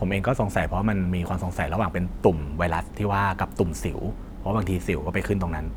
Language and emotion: Thai, neutral